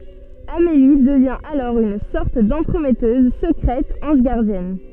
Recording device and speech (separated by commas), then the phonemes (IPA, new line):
soft in-ear microphone, read sentence
ameli dəvjɛ̃ alɔʁ yn sɔʁt dɑ̃tʁəmɛtøz səkʁɛt ɑ̃ʒ ɡaʁdjɛn